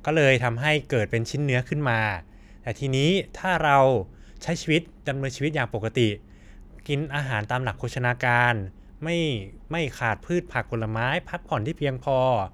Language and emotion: Thai, neutral